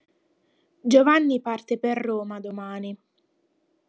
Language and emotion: Italian, sad